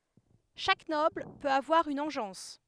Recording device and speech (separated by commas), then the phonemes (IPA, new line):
headset microphone, read sentence
ʃak nɔbl pøt avwaʁ yn ɑ̃ʒɑ̃s